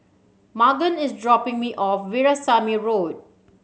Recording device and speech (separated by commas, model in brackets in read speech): mobile phone (Samsung C7100), read sentence